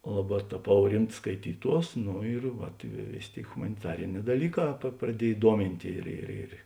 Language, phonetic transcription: Lithuanian, ˈlaˌbā taˈpau ˈrimts skaiˈtyˌtuos ˈnu ir ˈvat i vė ˈvėsė ˈtėi humaniˈtarinē daˈlyˌkā praˈdiej ˈduomint' ir ir ˈir

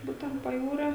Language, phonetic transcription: Lithuanian, ˈbūtent paˈjūrio

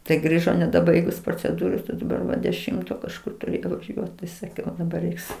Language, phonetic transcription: Lithuanian, tai ˈgrįžo nedaˈbaigus proceˈdūros a daˈbar va deˈšimto kažˈkur ˈturi vaˈžiuot tai saˈkiau daˈbar ˈreiks

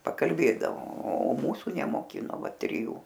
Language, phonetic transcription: Lithuanian, pakalˈbėdavo o ˈmūsu nemoˈkino ˈva triˈjų

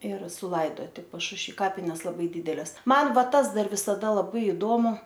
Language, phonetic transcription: Lithuanian, ir suˈlaidoti pašušˈvy ˈkapines laˈbai ˈdydeles ˈman ˈva ˈtas ˈdar visaˈda laˈbai iˈdomu

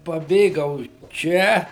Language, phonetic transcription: Lithuanian, paˈbėgau ˈčia

